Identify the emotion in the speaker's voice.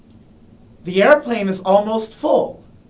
happy